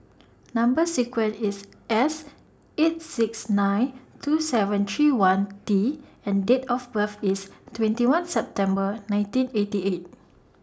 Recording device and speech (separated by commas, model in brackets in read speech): standing microphone (AKG C214), read sentence